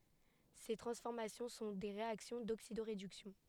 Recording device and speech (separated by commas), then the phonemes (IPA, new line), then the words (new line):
headset microphone, read sentence
se tʁɑ̃sfɔʁmasjɔ̃ sɔ̃ de ʁeaksjɔ̃ doksidoʁedyksjɔ̃
Ces transformations sont des réactions d'oxydo-réduction.